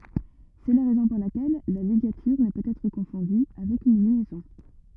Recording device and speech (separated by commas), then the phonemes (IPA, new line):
rigid in-ear microphone, read sentence
sɛ la ʁɛzɔ̃ puʁ lakɛl la liɡatyʁ nə pøt ɛtʁ kɔ̃fɔ̃dy avɛk yn ljɛzɔ̃